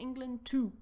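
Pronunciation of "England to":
In 'England to', 'to' is not said in its weak form.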